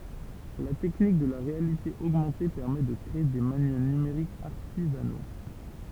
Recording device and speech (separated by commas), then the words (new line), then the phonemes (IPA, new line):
temple vibration pickup, read sentence
La technique de la réalité augmentée permet de créer des manuels numériques artisanaux.
la tɛknik də la ʁealite oɡmɑ̃te pɛʁmɛ də kʁee de manyɛl nymeʁikz aʁtizano